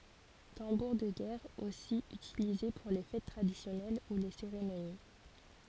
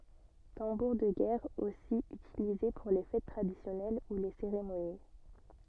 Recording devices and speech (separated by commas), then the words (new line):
forehead accelerometer, soft in-ear microphone, read sentence
Tambour de guerre aussi utilisé pour les fêtes traditionnelles ou les cérémonies.